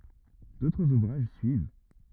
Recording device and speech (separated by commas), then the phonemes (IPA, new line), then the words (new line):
rigid in-ear microphone, read sentence
dotʁz uvʁaʒ syiv
D'autres ouvrages suivent.